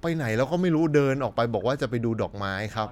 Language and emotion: Thai, neutral